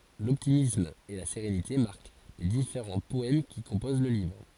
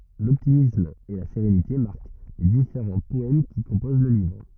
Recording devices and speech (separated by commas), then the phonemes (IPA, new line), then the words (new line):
forehead accelerometer, rigid in-ear microphone, read sentence
lɔptimism e la seʁenite maʁk le difeʁɑ̃ pɔɛm ki kɔ̃poz lə livʁ
L'optimisme et la sérénité marquent les différents poèmes qui composent le livre.